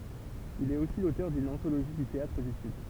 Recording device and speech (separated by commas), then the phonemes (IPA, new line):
temple vibration pickup, read sentence
il ɛt osi lotœʁ dyn ɑ̃toloʒi dy teatʁ dy syd